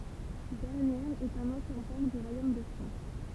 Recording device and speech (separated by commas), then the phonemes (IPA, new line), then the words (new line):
temple vibration pickup, read sentence
bɛʁnjɛʁz ɛt œ̃n ɑ̃sjɛ̃ pɔʁ dy ʁwajom də fʁɑ̃s
Bernières est un ancien port du royaume de France.